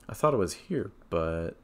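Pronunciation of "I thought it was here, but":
The voice rises on 'but' at the end, so the thought sounds unfinished.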